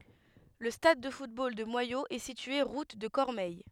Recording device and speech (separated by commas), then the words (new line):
headset microphone, read sentence
Le stade de football de Moyaux est situé route de Cormeilles.